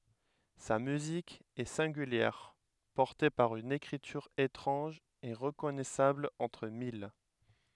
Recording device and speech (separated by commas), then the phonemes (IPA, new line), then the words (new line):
headset microphone, read sentence
sa myzik ɛ sɛ̃ɡyljɛʁ pɔʁte paʁ yn ekʁityʁ etʁɑ̃ʒ e ʁəkɔnɛsabl ɑ̃tʁ mil
Sa musique est singulière, portée par une écriture étrange et reconnaissable entre mille.